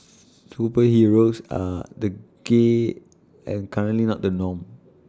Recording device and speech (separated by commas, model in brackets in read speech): standing microphone (AKG C214), read sentence